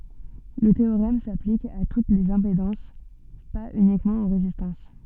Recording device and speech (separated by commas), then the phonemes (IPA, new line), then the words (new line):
soft in-ear microphone, read sentence
lə teoʁɛm saplik a tut lez ɛ̃pedɑ̃s paz ynikmɑ̃ o ʁezistɑ̃s
Le théorème s'applique à toutes les impédances, pas uniquement aux résistances.